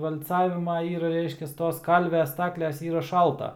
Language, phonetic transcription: Lithuanian, val'ˈcavima ir ˈreiškias ˈtos ˈkalvia ˈstakles ˈyra ˈšalta

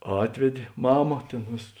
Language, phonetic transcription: Lithuanian, ˈatvedė ˈmama ˈtėn ˈvėsas

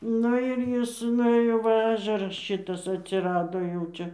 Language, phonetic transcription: Lithuanian, ˈnu ir ˈjis nuˈėjo ˈva ˈažeras ˈšitas atsiˈrado jau ˈčia

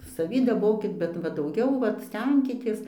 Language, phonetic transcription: Lithuanian, saˈvį daˈbokit bet ˈva dauˈgiau ˈvat ˈstenkitės

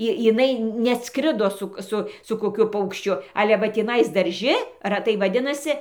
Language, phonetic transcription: Lithuanian, ˈi jiˈnai neˈatskrido ˈsuk ˈsu su koˈkiu paukšˈčiu ˈale va tįˈnais darˈži raˈtai vaˈdinasi

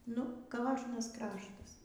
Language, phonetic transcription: Lithuanian, nu ˈkožnas ˈkraštas

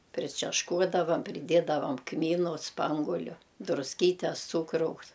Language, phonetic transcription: Lithuanian, pričešˈkuodavam priˈdiedavam ˈkmynu ˈspanguliu drusˈkytes ˈcūkraus

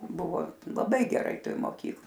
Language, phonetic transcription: Lithuanian, ˈbuvo laˈbai geˈrai ˈtoj moˈkyk

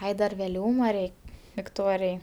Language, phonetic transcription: Lithuanian, ˈai dar veˈliūma ˈrei vikˈtorijai

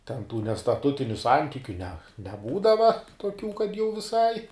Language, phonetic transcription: Lithuanian, ten tų nestaˈtutiniu ˈsantikiu ne neˈbūdava toˈkių kad jau viˈsai

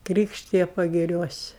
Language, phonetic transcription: Lithuanian, ˈkrykštija pagiˈriuosi

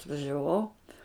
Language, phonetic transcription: Lithuanian, atvažiaˈvau

